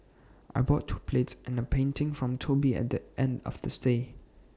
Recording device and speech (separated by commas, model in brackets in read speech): standing microphone (AKG C214), read sentence